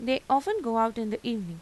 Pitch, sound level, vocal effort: 230 Hz, 88 dB SPL, normal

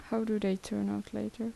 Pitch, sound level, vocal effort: 195 Hz, 75 dB SPL, soft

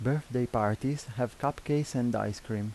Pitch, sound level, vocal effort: 125 Hz, 82 dB SPL, soft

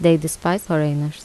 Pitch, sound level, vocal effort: 160 Hz, 78 dB SPL, normal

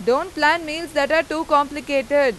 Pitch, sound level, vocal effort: 295 Hz, 97 dB SPL, loud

